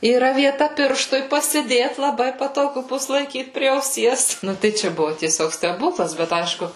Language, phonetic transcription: Lithuanian, yˈra vieˈta ˈpirštui pasiˈdėt laˈbai patoˈgu ˈbus laiˈkyt prie auˈsies ˈnu tai ˈčia ˈbuvu tieˈsiog steˈbūklas bet ˈaišku

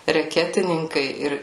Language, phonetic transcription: Lithuanian, reˈketininkai ˈir

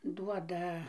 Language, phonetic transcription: Lithuanian, ˈduoda

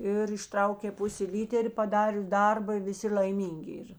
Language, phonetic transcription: Lithuanian, ir išˈtraukė ˈpusė ˈlyter' paˈdarius ˈdarba i viˈsi l'aiˈmyngi ˈyr

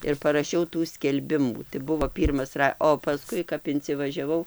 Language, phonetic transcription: Lithuanian, ir paraˈšiau tų skelˈbimų tai ˈbuvo ˈpyrmas ˈra o paˈskui kap incivažiaˈvau

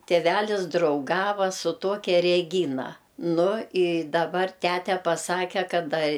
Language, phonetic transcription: Lithuanian, tėˈvælis drauˈgava su ˈtokia reˈgyna ˈnu i daˈbar ˈtæte paˈsake ˈkad a

